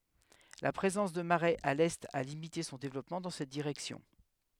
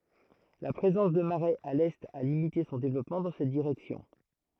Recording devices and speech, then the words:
headset microphone, throat microphone, read sentence
La présence de marais à l’est a limité son développement dans cette direction.

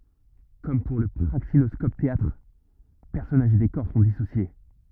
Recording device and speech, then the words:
rigid in-ear microphone, read sentence
Comme pour le praxinoscope-théâtre, personnages et décors sont dissociés.

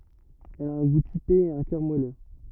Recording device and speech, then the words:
rigid in-ear microphone, read sentence
Elle a un goût typé et un cœur moelleux.

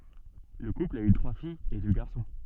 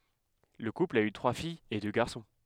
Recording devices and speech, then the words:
soft in-ear microphone, headset microphone, read sentence
Le couple a eu trois filles et deux garçons.

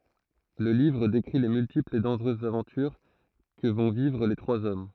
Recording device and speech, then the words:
throat microphone, read sentence
Le livre décrit les multiples et dangereuses aventures que vont vivre les trois hommes.

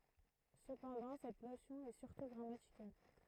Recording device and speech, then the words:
throat microphone, read sentence
Cependant, cette notion est surtout grammaticale.

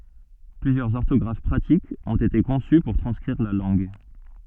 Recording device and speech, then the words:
soft in-ear microphone, read sentence
Plusieurs orthographes pratiques ont été conçues pour transcrire la langue.

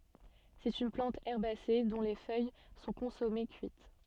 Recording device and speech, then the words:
soft in-ear microphone, read sentence
C'est une plante herbacée dont les feuilles sont consommées cuites.

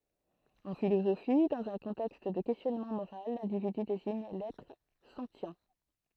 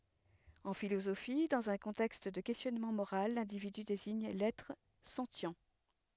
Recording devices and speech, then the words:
throat microphone, headset microphone, read sentence
En philosophie, dans un contexte de questionnement moral, l'individu désigne l'être sentient.

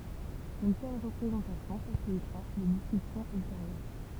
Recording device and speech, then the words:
temple vibration pickup, read sentence
Une telle représentation facilitera les discussions ultérieures.

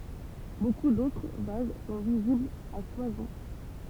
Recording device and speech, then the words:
temple vibration pickup, read sentence
Beaucoup d'autres vases sont visibles à Soissons.

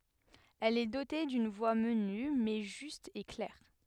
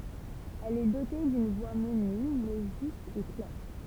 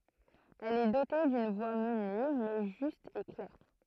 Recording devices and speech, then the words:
headset microphone, temple vibration pickup, throat microphone, read sentence
Elle est dotée d’une voix menue, mais juste et claire.

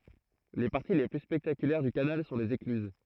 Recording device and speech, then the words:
throat microphone, read sentence
Les parties les plus spectaculaires du canal sont les écluses.

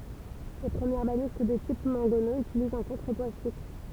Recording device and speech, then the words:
temple vibration pickup, read sentence
Les premières balistes de type mangonneau utilisent un contrepoids fixe.

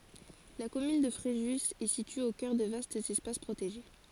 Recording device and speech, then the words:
forehead accelerometer, read sentence
La commune de Fréjus est située au cœur de vastes espaces protégés.

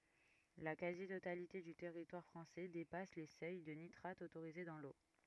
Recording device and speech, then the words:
rigid in-ear microphone, read sentence
La quasi-totalité du territoire français dépasse les seuils de nitrate autorisés dans l'eau.

